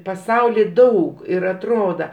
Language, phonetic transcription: Lithuanian, paˈsauly ˈdaug ir atˈroda

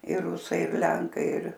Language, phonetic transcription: Lithuanian, ir ˈrusai ir ˈlenkai ir

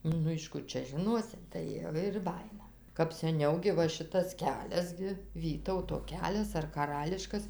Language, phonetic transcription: Lithuanian, ˈnu iš ˈkur čia žiˈnosi tai ˈva ir ˈbajina kap seˈniau gi ˈva ˈšitas ˈkelias gi ˈvytauto ˈkelias ar kaˈrališkas

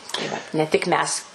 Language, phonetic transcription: Lithuanian, tai ˈvat ne tik ˈmes

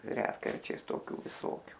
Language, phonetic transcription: Lithuanian, ˈretkarčiais toˈkių viˈsokiu

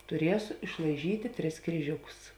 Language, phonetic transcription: Lithuanian, tuˈriesu išlaiˈžytė tris kryˈžiukus

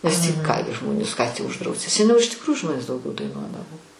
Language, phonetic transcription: Lithuanian, nes tį ˈkaime ˈžmonis ką tį užˈdrausi seˈniau iš tikˈrųju ˈžmonės dauˈgiau daiˈnuodavo

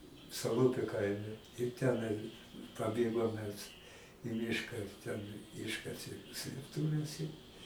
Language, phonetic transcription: Lithuanian, saˈlupiu ˈkaime ir ˈtenai paˈbėgom mes i ˈmiška ten ˈiškasė slėpˈtuves i

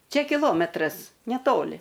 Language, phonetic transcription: Lithuanian, ˈčia kiˈlometras neˈtoli

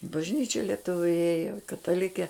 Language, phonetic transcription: Lithuanian, i bažˈnyčia lieˈtuviu ˈėjo kataˈlikė

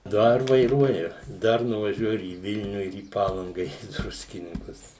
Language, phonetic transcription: Lithuanian, ˈdar vaiˈruoju ˈdar nuvaˈžiuoju ir į ˈvilniu ir į ˈpalanga ir į ˈdruskininkus

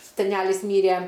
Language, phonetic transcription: Lithuanian, seˈnælis ˈmyrė

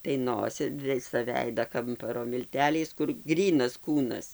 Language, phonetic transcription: Lithuanian, tai ˈnosi ˈvisa ˈveida ˈkamparo milˈteliais kur ˈgrynas ˈkūnas

